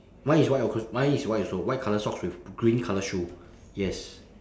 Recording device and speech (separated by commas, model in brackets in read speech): standing microphone, conversation in separate rooms